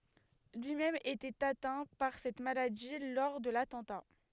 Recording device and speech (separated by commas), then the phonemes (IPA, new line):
headset microphone, read sentence
lyi mɛm etɛt atɛ̃ paʁ sɛt maladi lɔʁ də latɑ̃ta